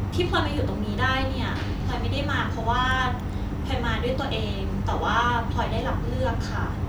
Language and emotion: Thai, happy